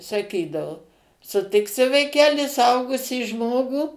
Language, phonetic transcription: Lithuanian, saˈkydavu suˈtiksi vaiˈkeli suˈaugusį ˈžmogų

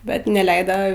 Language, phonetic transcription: Lithuanian, ˈbet neˈleida

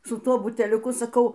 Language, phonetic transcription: Lithuanian, su ˈtuo buteliuˈku saˈkau

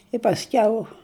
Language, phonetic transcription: Lithuanian, i pasˈkiau

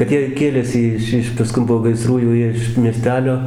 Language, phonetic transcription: Lithuanian, kad ˈjie ˈkėlėsi ˈiš ˈiš paˈskun po gaiˈsrų jau ˈjie iš mieˈstelio

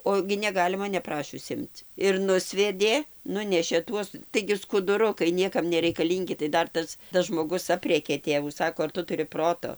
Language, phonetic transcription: Lithuanian, ˈo gi neˈgalima neˈprašius ˈimc ir ˈnusvedė ˈnunešė ˈtuos taigi skuduˈrukai ˈniekam nereikaˈlyngi tai ˈdar ˈtas tas žmoˈgus ˈaprėkė ˈtėvų ˈsako ar ˈtu tuˈri ˈproto

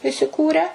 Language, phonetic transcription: Lithuanian, isiˈkūrę

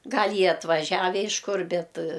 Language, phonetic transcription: Lithuanian, ˈgal' ˈjie atvaˈžiave iš ˈkur ˈbet

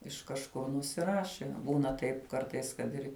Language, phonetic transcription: Lithuanian, iš kažˈkur nusˈiraši ˈbūna ˈtaip ˈkartais kad ˈir

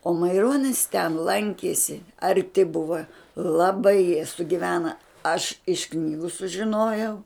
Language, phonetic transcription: Lithuanian, o maiˈronis ten ˈlankiesi arˈti ˈbuva laˈbai jie sugiˈvena aš iš ˈknygu sužiˈnojau

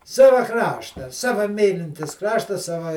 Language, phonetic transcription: Lithuanian, ˈsava ˈkrašta ˈsava ˈmylintis ˈkrašta ˈsava

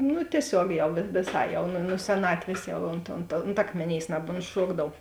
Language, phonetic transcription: Lithuanian, nu tieˈsiog ˈjau viˈsai jau ˈnu nu seˈnatvės ˈjau ont ont ont ˈakmėˌnėis nabontˈšuokdav

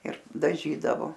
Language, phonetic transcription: Lithuanian, ir daˈžydavo

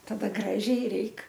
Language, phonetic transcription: Lithuanian, taˈda ˈgražiai ˈreik

